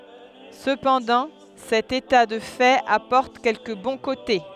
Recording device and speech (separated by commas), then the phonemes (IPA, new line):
headset microphone, read sentence
səpɑ̃dɑ̃ sɛt eta də fɛt apɔʁt kɛlkə bɔ̃ kote